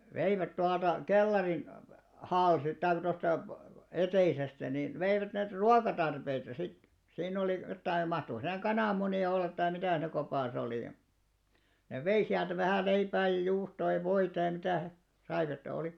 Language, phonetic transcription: Finnish, 'veivät 'tualta , "kellarin , 'halsi- taik 'tosta , "eteisestä nin , veivät näit "ruakatarpeita sit , 'siinn ‿olì jottai 'mahtoko siinä "kanàmmuni₍a 'ollat tai 'mitä̀ siinᵃ̈ kopàs ‿olì ja , nev 'vei siältä vähä̀ 'leipää ja juustoo ja 'voita ja mitä̀ he , (saivat et oli) .
- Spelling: veivät tuolta kellarin - tai tuosta eteisestä niin veivät näitä ruokatarpeita sitten siinä oli jotakin mahtoiko siinä kananmunia olla tai mitä siinä kopassa oli ja ne vei sieltä vähän leipää ja juustoa ja voita ja mitä he saivat että oli

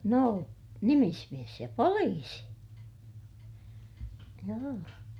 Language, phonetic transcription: Finnish, nò , nimismies ja poliisi , joo .
- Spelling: no nimismies ja poliisi joo

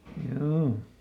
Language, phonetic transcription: Finnish, ˈhjoo .
- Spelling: joo

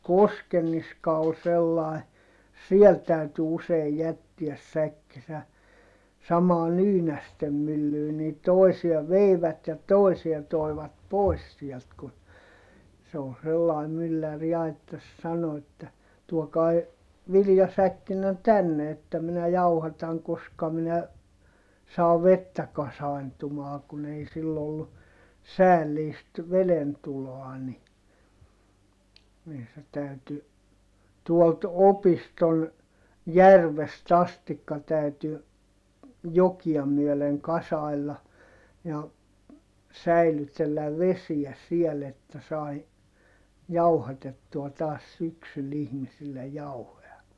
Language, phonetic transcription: Finnish, Koskenniska ol sellai , siɛl täyty useij jättiäs säkkisä , samaa Nyynästem myllyy - nii tòisia veivät ja tòisia toivat pois siɛlt ku , se o sellai myllär ja että sano että , » tuokai̮ , viljasäkkinne tänne että minä jauhataŋ koska minä , saa vettä kasai̮ntumaa kun ‿ei sill ‿ollu , säälliist , velentuloa ni , nii se täyty , tuolt opiston , järvest ‿astikka täyty , jokia myöleŋ kasai̮lla , ja , säilytelläv vesiä siel ‿että sai , jauhatettua taas syksyl ihmisillej jauhoʲa .
- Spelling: Koskenniska oli sellainen siellä täytyi usein jättää säkkinsä samaan Nyynästen myllyyn niin toisia veivät ja toisia toivat pois sieltä kun se oli sellainen mylläri ja että sanoi että tuokaa viljasäkkinne tänne että minä jauhatan koska minä saan vettä kasaantumaan kun ei sillä ollut säällistä vedentuloa niin niin se täytyi tuolta opiston järvestä asti täytyi jokia myöden kasailla ja säilytellä vesiä siellä että sai jauhatettua taas syksyllä ihmisille jauhoja

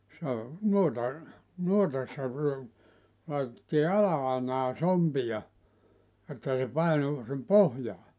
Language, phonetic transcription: Finnish, se o , 'nuota , 'nuotassa , laitettii "ala₍ainaa "sompiʲa , että se 'painu , (sim) "pohjaa .
- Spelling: se on noita nuotassa laitettiin ala-ainaan sompia että se painui sinne pohjaan

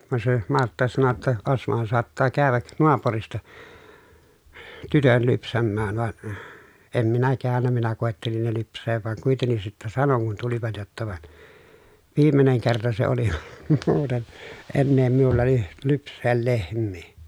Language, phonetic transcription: Finnish, van se Martta sano ‿tta » Osmohan soattaa kääväk , noapurista , tytön lypsämmään » van , em minä käännä minä kòettelin ne lyps̆seev vaŋ kuitennis sittä sanoŋ kun tulivat jotta » van , viimeneŋ kerta se oli muuten , ennee miulla ly- , lyps̆see lehm̆mii » .
- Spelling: vaan se Martta sanoi jotta Osmohan saattaa käydä naapurista tytön lypsämään vaan en minä käynyt minä koettelin ne lypsää vaan kuitenkin sitten sanoin kun tulivat jotta vaan viimeinen kerta se oli muuten enää minulla - lypsää lehmiä

